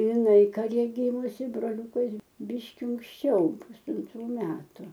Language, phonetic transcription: Lithuanian, iˈnai kaˈre ˈgymusi broˈliūkas ˈbyški unksˈčiau pusanˈtrų ˈmetu

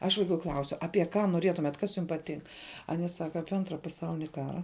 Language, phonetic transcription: Lithuanian, aš vaiˈkų ˈklausiu apie ˈką noˈrietumet ˈkas jum paˈtink ˈanie ˈsaka ˈapie ˈantra paˈsaulini ˈkara

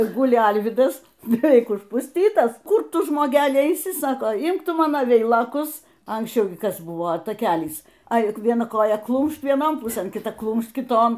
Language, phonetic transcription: Lithuanian, ir ˈguli ˈalvydas beˈveik užpusˈtytas ˈkur ˈtu žmoˈgeli eiˈsi ˈsako ˈimk ˈtu ˈmano ˈveilokus anksˈčiau gi ˈkas ˈbuvo taˈkelys ˈai vieˈna ˈkoja ˈklūmšt vieˈnon ˈpusɘn kiˈta ˈklūmšt kiˈton

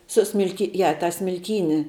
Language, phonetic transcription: Lithuanian, suˈsmilki ˈja tą smilˈkyni

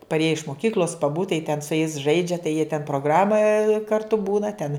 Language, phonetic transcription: Lithuanian, parˈėje iš moˈkykl'os paˈbūt tai ten su jais ˈžaidžia tai jie ten proˈgrama karˈtu ˈbūna ten

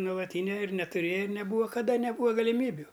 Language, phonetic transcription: Lithuanian, nuolaˈtynia ir netuˈrėja ir neˈbūva kaˈda neˈbūva galiˈmybiu

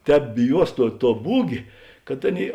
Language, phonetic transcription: Lithuanian, ˈtēp biˈjuos ˈtuo tuo ˈbūgė kad ˈaˌnėi

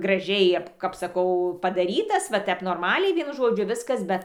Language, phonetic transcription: Lithuanian, graˈžiai ap kap saˈkau padaˈrytas va ˈtep norˈmaliai ˈvienu ˈžodžiu ˈviskas ˈbet

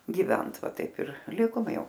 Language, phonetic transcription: Lithuanian, giˈvent ˈva ˈtaip ir ˈlikom ˈjau

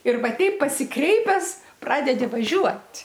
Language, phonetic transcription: Lithuanian, ir ˈva ˈteip pasiˈkreipes ˈpradedi vaˈžiuot'

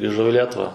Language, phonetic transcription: Lithuanian, griˈžau i ˈlietuva

